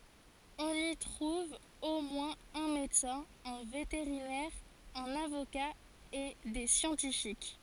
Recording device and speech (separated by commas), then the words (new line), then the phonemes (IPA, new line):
forehead accelerometer, read sentence
On y trouve au moins un médecin, un vétérinaire, un avocat et des scientifiques.
ɔ̃n i tʁuv o mwɛ̃z œ̃ medəsɛ̃ œ̃ veteʁinɛʁ œ̃n avoka e de sjɑ̃tifik